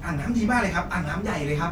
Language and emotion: Thai, happy